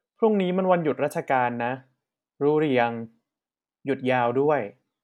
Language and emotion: Thai, neutral